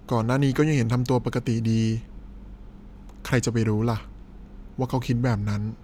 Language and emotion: Thai, frustrated